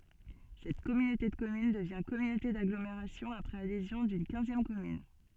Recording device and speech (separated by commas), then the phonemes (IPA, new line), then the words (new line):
soft in-ear microphone, read sentence
sɛt kɔmynote də kɔmyn dəvjɛ̃ kɔmynote daɡlomeʁasjɔ̃ apʁɛz adezjɔ̃ dyn kɛ̃zjɛm kɔmyn
Cette communauté de communes devient communauté d'agglomération après adhésion d'une quinzième commune.